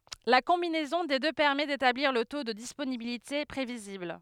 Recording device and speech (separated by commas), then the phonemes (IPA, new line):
headset microphone, read sentence
la kɔ̃binɛzɔ̃ de dø pɛʁmɛ detabliʁ lə to də disponibilite pʁevizibl